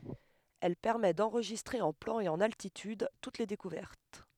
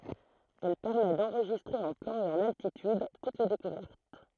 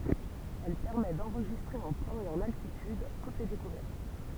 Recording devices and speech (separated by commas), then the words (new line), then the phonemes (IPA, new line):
headset microphone, throat microphone, temple vibration pickup, read sentence
Elle permet d'enregistrer en plan et en altitude toutes les découvertes.
ɛl pɛʁmɛ dɑ̃ʁʒistʁe ɑ̃ plɑ̃ e ɑ̃n altityd tut le dekuvɛʁt